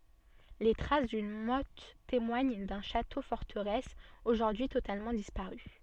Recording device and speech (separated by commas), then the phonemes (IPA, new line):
soft in-ear microphone, read sentence
le tʁas dyn mɔt temwaɲ dœ̃ ʃato fɔʁtəʁɛs oʒuʁdyi totalmɑ̃ dispaʁy